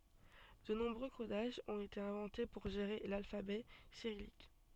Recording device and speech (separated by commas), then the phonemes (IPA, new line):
soft in-ear microphone, read sentence
də nɔ̃bʁø kodaʒz ɔ̃t ete ɛ̃vɑ̃te puʁ ʒeʁe lalfabɛ siʁijik